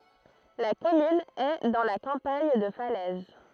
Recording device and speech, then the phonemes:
throat microphone, read sentence
la kɔmyn ɛ dɑ̃ la kɑ̃paɲ də falɛz

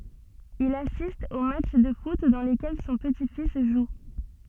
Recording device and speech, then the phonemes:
soft in-ear microphone, read sentence
il asist o matʃ də fut dɑ̃ lekɛl sɔ̃ pəti fis ʒu

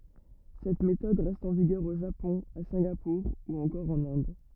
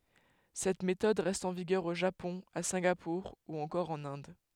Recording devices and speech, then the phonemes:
rigid in-ear microphone, headset microphone, read sentence
sɛt metɔd ʁɛst ɑ̃ viɡœʁ o ʒapɔ̃ a sɛ̃ɡapuʁ u ɑ̃kɔʁ ɑ̃n ɛ̃d

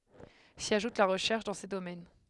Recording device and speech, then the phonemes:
headset microphone, read sentence
si aʒut la ʁəʃɛʁʃ dɑ̃ se domɛn

